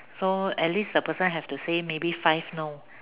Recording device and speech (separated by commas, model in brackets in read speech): telephone, conversation in separate rooms